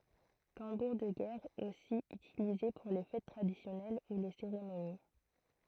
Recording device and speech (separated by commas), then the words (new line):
throat microphone, read sentence
Tambour de guerre aussi utilisé pour les fêtes traditionnelles ou les cérémonies.